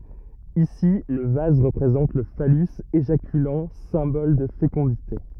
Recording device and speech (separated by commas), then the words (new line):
rigid in-ear microphone, read sentence
Ici, le vase représente le phallus éjaculant, symbole de fécondité.